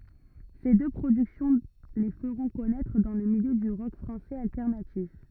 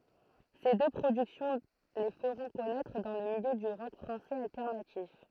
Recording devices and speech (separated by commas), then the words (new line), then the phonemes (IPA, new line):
rigid in-ear microphone, throat microphone, read sentence
Ces deux productions les feront connaître dans le milieu du rock français alternatif.
se dø pʁodyksjɔ̃ le fəʁɔ̃ kɔnɛtʁ dɑ̃ lə miljø dy ʁɔk fʁɑ̃sɛz altɛʁnatif